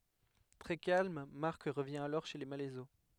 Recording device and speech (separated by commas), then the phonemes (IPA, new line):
headset microphone, read sentence
tʁɛ kalm maʁk ʁəvjɛ̃ alɔʁ ʃe le malɛzo